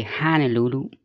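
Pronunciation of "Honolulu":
'Honolulu' is said correctly here with the long A, and the stress is on the third syllable.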